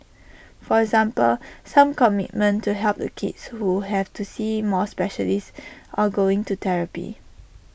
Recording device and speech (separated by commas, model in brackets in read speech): boundary microphone (BM630), read sentence